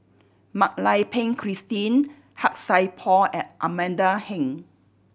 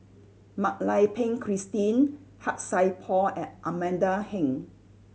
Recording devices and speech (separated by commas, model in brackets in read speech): boundary microphone (BM630), mobile phone (Samsung C7100), read sentence